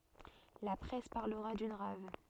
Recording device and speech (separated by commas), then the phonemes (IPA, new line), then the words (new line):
soft in-ear microphone, read sentence
la pʁɛs paʁləʁa dyn ʁav
La presse parlera d'une rave.